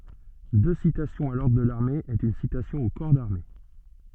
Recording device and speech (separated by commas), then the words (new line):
soft in-ear microphone, read sentence
Deux citations à l'ordre de l'armée est une citation au corps d'armée.